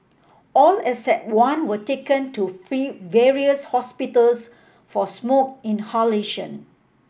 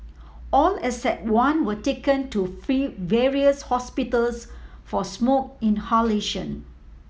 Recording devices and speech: boundary microphone (BM630), mobile phone (iPhone 7), read sentence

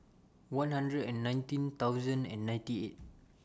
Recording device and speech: standing microphone (AKG C214), read sentence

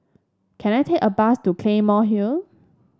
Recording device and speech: standing microphone (AKG C214), read sentence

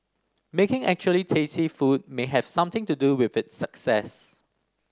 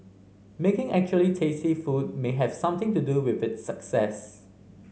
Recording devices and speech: standing microphone (AKG C214), mobile phone (Samsung C5010), read sentence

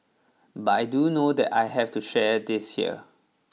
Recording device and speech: mobile phone (iPhone 6), read sentence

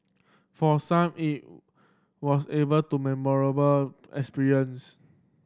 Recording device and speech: standing microphone (AKG C214), read sentence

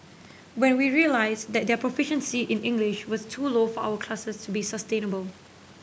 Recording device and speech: boundary microphone (BM630), read sentence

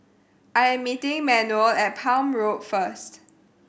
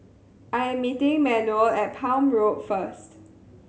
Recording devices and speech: boundary microphone (BM630), mobile phone (Samsung C7100), read sentence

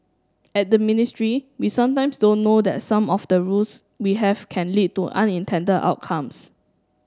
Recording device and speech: standing microphone (AKG C214), read sentence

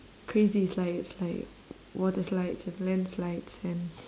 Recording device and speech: standing microphone, conversation in separate rooms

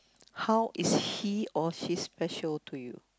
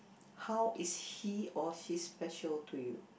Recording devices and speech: close-talking microphone, boundary microphone, conversation in the same room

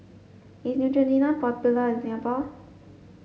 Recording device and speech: mobile phone (Samsung S8), read sentence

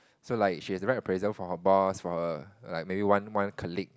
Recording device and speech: close-talking microphone, conversation in the same room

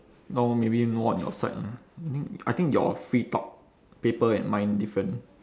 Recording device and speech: standing microphone, conversation in separate rooms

